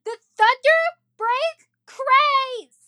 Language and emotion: English, angry